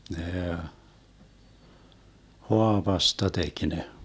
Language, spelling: Finnish, ne haavasta teki ne
- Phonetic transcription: 'nee , "hoavasta 'tek ne .

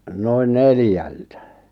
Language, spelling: Finnish, noin neljältä
- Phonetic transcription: 'noin "neljältä .

